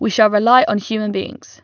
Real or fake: real